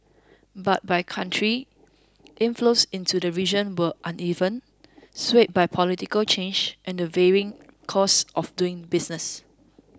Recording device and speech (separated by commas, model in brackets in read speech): close-talking microphone (WH20), read sentence